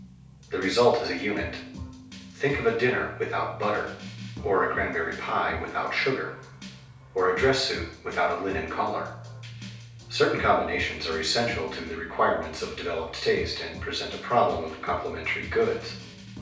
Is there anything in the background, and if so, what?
Music.